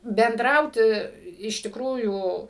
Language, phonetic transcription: Lithuanian, benˈdrauti iš tikˈrųjų

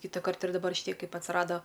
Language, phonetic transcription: Lithuanian, kytaˈkart ir daˈbar šiˈtie ˈkaip atsˈrado

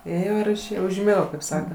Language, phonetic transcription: Lithuanian, ˈėjo ir išˈėjo užˈmigo kaip ˈsaka

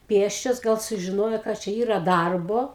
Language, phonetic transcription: Lithuanian, ˈpėsčios gal sužiˈnojo kad ˈčia ˈyra ˈdarbo

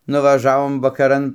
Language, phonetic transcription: Lithuanian, nuvaˈžavom vakaˈran

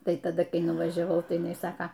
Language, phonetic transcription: Lithuanian, ˈtai taˈda ˈkai nuvˈažiavau tai jiˈnai ˈsaka

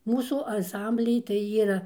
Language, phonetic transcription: Lithuanian, ˈmūsų anˈsamblij tai ˈyra

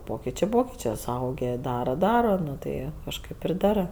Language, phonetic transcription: Lithuanian, ˈpokičė ˈpokičė suˈaugė ˈdara ˈdara ˈnu tai kažˈkaip ir ˈdarɜ

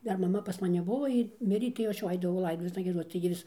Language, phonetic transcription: Lithuanian, ˈdar maˈma pas maˈni ˈbuvo ˈjy ˈmirė tai jau ˈaš jau ˈaidavau ˈlaidotuvėsna gieˈdoc tai gi ˈvis

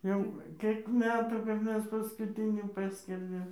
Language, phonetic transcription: Lithuanian, ˈjau ˈkėk ˈmetų kap ˈmes paskuˈtinį ˈpaskerdėm

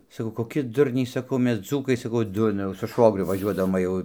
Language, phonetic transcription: Lithuanian, saˈkau koˈki ˈdurniai saˈkau ˈmes ˈdzūkai saˈkau ˈdurna jau su ˈšvogriu vaˈžiuodavom va ˈjau

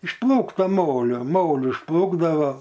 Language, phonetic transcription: Lithuanian, iš ˈplūkto ˈmolio ˈmoli išˈplūkdavo

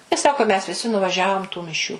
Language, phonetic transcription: Lithuanian, i ˈsako mes viˈsi nuvaˈžiavom tų miˈšių

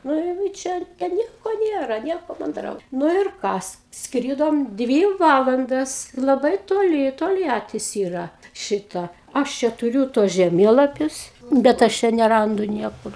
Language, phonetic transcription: Lithuanian, nuˈ jau i ˈčia ten ˈnieko ˈnėra ˈnieko manˈdrau ˈnu ir ˈkas ˈskrydom ˈdvy ˈvalandas laˈbai toˈli tolˈjatis ˈyra ˈšita ˈaš čia tuˈriū tuos žeˈmėlapius bet ˈaš čia neˈrandu ˈniekur

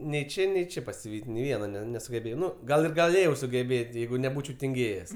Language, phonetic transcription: Lithuanian, nei ˈčė nei ˈčė pasiˈvyt' nei ˈviena ˈne nesugeˈbėjau ˈnu ˈgal ir gaˈlėjau sugeˈbėt' ˈjeigu neˈbūčiau tinˈgėjes

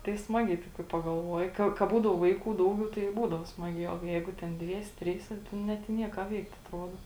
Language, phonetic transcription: Lithuanian, tai ˈsmagiai kai pagalˈvuoji ˈka ka ˈbūdau ˈvaiˌkų ˈdauˌgiau tai i ˈbūdavo ˈsmaˌgiā o ˈjeigu ˈten ˈdviese ˈtryse ˈnet i ˈnie ką ˈveikt atˈruodo

